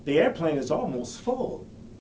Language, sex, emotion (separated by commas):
English, male, neutral